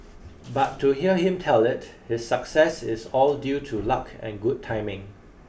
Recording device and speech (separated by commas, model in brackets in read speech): boundary microphone (BM630), read sentence